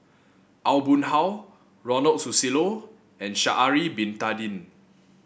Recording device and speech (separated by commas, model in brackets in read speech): boundary microphone (BM630), read sentence